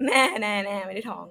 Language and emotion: Thai, happy